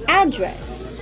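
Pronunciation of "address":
'Address' is said the American way, with the stress on the first syllable.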